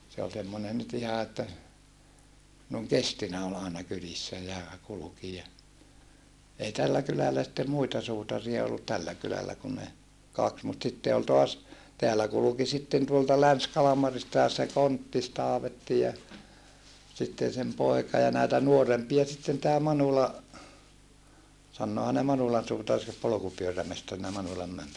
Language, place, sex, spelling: Finnish, Saarijärvi, male, se oli semmoinen nyt ihan että noin kestinä oli aina kylissä ja kulki ja ei tällä kylällä sitten muita suutareita ollut tällä kylällä kun ne kaksi mutta sitten oli taas täällä kulki sitten tuolta Länsi-Kalmaristakin se Konttis-Taavetti ja sitten sen poika ja näitä nuorempia sitten tämä Manula sanoohan ne Manulan suutari se polkupyörämestarina Manulan
- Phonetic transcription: se ol semmonen nyt iha että , nòeŋ kestinä ol aena kylissä ja , kuluki ja , ei tällä kylälä sⁱttem muita suutaria ollut tällä kylällä kun ne , kaks mut sitte ol toas , teällä kuluki sitten tuolta Läns-Kalamaristàes se Konttis-Taavetti ja , sitten̬ sem poeka ja nä̀ita nuorempia sitten tää Manula , sannoohan ne Manulan suutar se polokupyörämestarina Manulam - - .

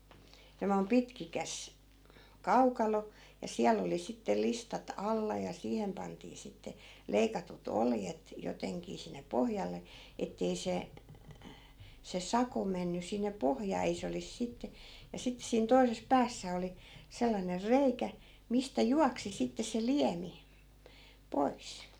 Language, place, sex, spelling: Finnish, Askola, female, semmoinen pitkikäs kaukalo ja siellä oli sitten listat alla ja siihen pantiin sitten leikatut oljet jotenkin sinne pohjalle että ei se se sako mennyt sinne pohjaan ei se olisi sitten ja sitten siinä toisessa päässä oli sellainen reikä mistä juoksi sitten se liemi pois
- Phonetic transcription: semmoi̮m 'pitkikäs , "kaukalo , ja 'siäl ‿oli sittel 'listat 'alla ja 'siihem pantii 'sitte , 'leikatut "oljet , 'joteŋkii sinne 'pohjalle , 'ettei 'se , se 'sako menny sinne "pohjaa 'ei se olis sitte , ja 'sittᵉ siin 'toises "päässä oli , sellaner "reikä , 'mistä "juaksi sitte se 'liämi , 'pois .

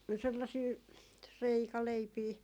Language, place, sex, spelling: Finnish, Jaala, female, sellaisia reikäleipiä
- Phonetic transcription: 'sellasii , 'reikaleipii .

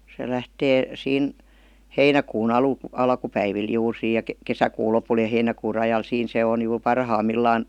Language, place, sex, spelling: Finnish, Vihti, female, se lähtee siinä heinäkuun - alkupäivillä juuri siinä ja kesäkuun lopulla ja heinäkuun rajalla siinä se on juuri parhaimmillaan
- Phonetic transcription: se 'lähtee , 'siin , "heinäkuu'n ‿alu- , 'alkupäivil 'juur 'siij ja 'kesäkuu 'lopul ja 'heinäkuu 'rajal 'siin se on jur "parham'millaan .

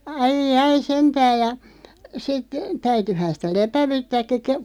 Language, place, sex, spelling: Finnish, Loppi, female, aijai sentään ja sitten täytyihän sitä lepäyttääkin -
- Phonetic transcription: 'ai"jai 'sentääʲ ja , 'sit , 'täytyhän̬ sitä "lepävyttääkki ke- ,.

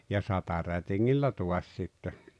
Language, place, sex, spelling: Finnish, Rautalampi, male, ja satarätingillä taas sitten
- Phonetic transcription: ja "satarätiŋŋillä 'tuas sitte .

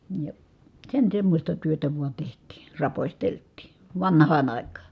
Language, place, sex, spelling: Finnish, Kitee, female, ja sen semmoista työtä vain tehtiin raposteltiin vanhaan aikaan
- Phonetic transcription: ja , sen semmośta työtä vua teht̀ii , rapośtelt̆tì , vanh̀aan àik̀aa .

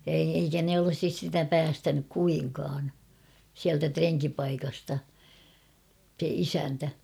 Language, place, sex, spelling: Finnish, Kauhava, female, ja ei eikä ne olisi sitä päästänyt kuinkaan sieltä renkipaikasta se isäntä
- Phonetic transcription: ja ei , eikä ne olᵒsis sitä "päästänyk 'kuiŋkaan , siältä "treŋkipaikasta , se 'isäntä .

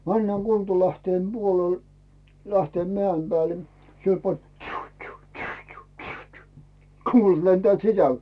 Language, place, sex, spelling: Finnish, Rautu, male, mennään Kultalähteen puolelle Lähteenmäen päälle siellä pani että tsyy tsyy tsyy tsyy tsyy tsyy kuulat lentävät sisälle
- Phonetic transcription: männääŋ 'Kultalähteem "Buolel , Lähteem"mᵉä̀im 'Bääle , 'siel pan ᵉᵗ » "tšyyₒ tšyyₒ tšyyₒ tšyyₒ tšyyₒ tšyyₒ « 'kuulat lentᵉä̀t "sisäl .

